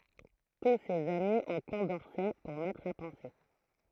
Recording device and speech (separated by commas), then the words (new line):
throat microphone, read sentence
Tous ces amis ont Condorcet pour maître à penser.